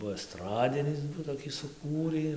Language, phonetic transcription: Lithuanian, ˈbuo esˈtradinis toˈkį suˈkūrį

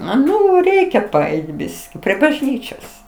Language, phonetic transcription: Lithuanian, ˈnu ˈreikia paˈeit ˈbiski prie bažˈnyčios

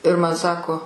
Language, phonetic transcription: Lithuanian, ir ˈman ˈsako

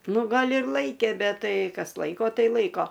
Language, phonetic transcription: Lithuanian, ˈnu ˈgal' ir ˈlaikė ˈbet ˈtai ˈkas ˈlaiko ˈtai ˈlaiko

